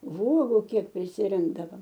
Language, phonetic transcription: Lithuanian, ˈvuogu ˈkiek prisiˈrinkdavam

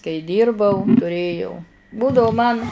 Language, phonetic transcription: Lithuanian, kai ˈdyrbau tuˈrėjau ˈbūdavu man

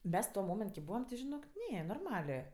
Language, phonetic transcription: Lithuanian, ˈmes tuo ˈmoment ki ˈbūvam ti žiˈnok ˈne norˈmalė

